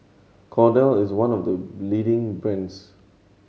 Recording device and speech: mobile phone (Samsung C7100), read sentence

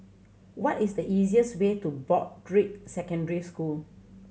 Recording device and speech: mobile phone (Samsung C7100), read sentence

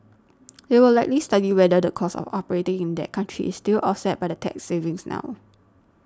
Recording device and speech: standing microphone (AKG C214), read sentence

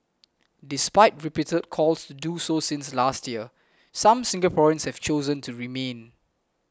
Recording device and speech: close-talking microphone (WH20), read sentence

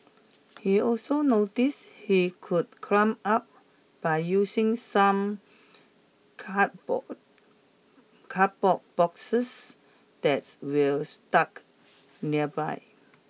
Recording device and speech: mobile phone (iPhone 6), read sentence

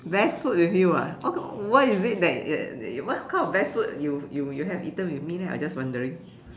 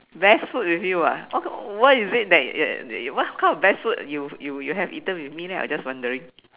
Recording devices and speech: standing microphone, telephone, conversation in separate rooms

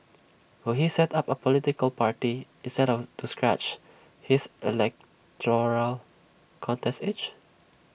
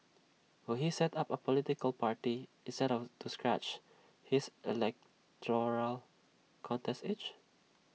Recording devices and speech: boundary microphone (BM630), mobile phone (iPhone 6), read sentence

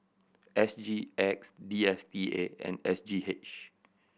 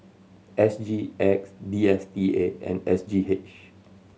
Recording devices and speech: boundary microphone (BM630), mobile phone (Samsung C7100), read sentence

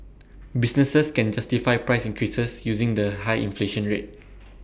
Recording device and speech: boundary microphone (BM630), read sentence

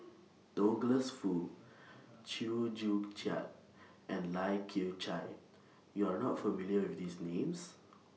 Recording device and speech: mobile phone (iPhone 6), read sentence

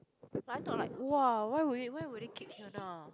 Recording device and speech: close-talking microphone, conversation in the same room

